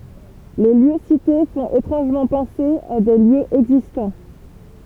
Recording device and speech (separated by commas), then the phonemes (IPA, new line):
temple vibration pickup, read sentence
le ljø site fɔ̃t etʁɑ̃ʒmɑ̃ pɑ̃se a de ljøz ɛɡzistɑ̃